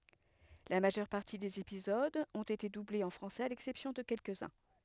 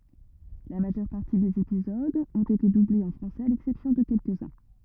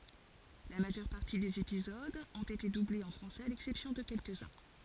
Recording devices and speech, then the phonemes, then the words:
headset microphone, rigid in-ear microphone, forehead accelerometer, read sentence
la maʒœʁ paʁti dez epizodz ɔ̃t ete dublez ɑ̃ fʁɑ̃sɛz a lɛksɛpsjɔ̃ də kɛlkəzœ̃
La majeure partie des épisodes ont été doublés en français à l'exception de quelques-uns.

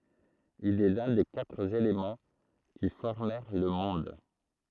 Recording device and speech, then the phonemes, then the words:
throat microphone, read sentence
il ɛ lœ̃ de katʁ elemɑ̃ ki fɔʁmɛʁ lə mɔ̃d
Il est l'un des quatre éléments qui formèrent le monde.

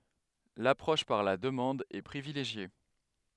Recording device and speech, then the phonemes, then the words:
headset microphone, read sentence
lapʁɔʃ paʁ la dəmɑ̃d ɛ pʁivileʒje
L'approche par la demande est privilégiée.

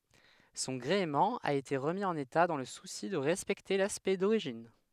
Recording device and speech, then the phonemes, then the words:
headset microphone, read sentence
sɔ̃ ɡʁeəmɑ̃ a ete ʁəmi ɑ̃n eta dɑ̃ lə susi də ʁɛspɛkte laspɛkt doʁiʒin
Son gréement a été remis en état dans le souci de respecter l'aspect d'origine.

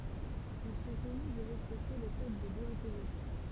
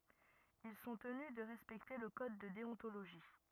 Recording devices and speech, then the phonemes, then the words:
temple vibration pickup, rigid in-ear microphone, read sentence
il sɔ̃ təny də ʁɛspɛkte lə kɔd də deɔ̃toloʒi
Ils sont tenus de respecter le code de déontologie.

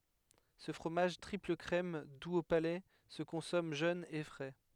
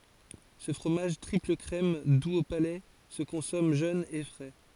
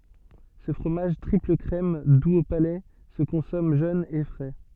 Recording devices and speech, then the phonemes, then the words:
headset microphone, forehead accelerometer, soft in-ear microphone, read sentence
sə fʁomaʒ tʁipləkʁɛm duz o palɛ sə kɔ̃sɔm ʒøn e fʁɛ
Ce fromage triple-crème, doux au palais, se consomme jeune et frais.

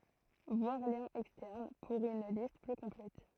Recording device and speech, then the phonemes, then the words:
throat microphone, read sentence
vwaʁ ljɛ̃z ɛkstɛʁn puʁ yn list ply kɔ̃plɛt
Voir Liens Externes pour une liste plus complète.

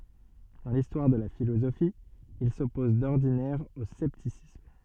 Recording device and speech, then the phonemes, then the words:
soft in-ear microphone, read sentence
dɑ̃ listwaʁ də la filozofi il sɔpɔz dɔʁdinɛʁ o sɛptisism
Dans l'histoire de la philosophie, il s'oppose d'ordinaire au scepticisme.

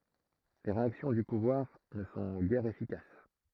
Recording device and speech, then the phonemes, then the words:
throat microphone, read sentence
le ʁeaksjɔ̃ dy puvwaʁ nə sɔ̃ ɡɛʁ efikas
Les réactions du pouvoir ne sont guère efficaces.

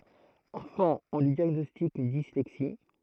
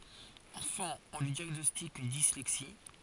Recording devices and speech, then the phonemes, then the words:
throat microphone, forehead accelerometer, read sentence
ɑ̃fɑ̃ ɔ̃ lyi djaɡnɔstik yn dislɛksi
Enfant, on lui diagnostique une dyslexie.

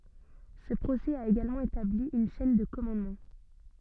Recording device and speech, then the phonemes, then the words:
soft in-ear microphone, read sentence
sə pʁosɛ a eɡalmɑ̃ etabli yn ʃɛn də kɔmɑ̃dmɑ̃
Ce procès a également établi une chaîne de commandement.

